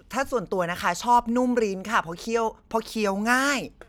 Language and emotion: Thai, happy